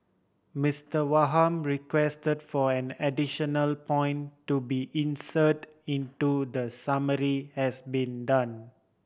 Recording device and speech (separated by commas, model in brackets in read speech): boundary microphone (BM630), read sentence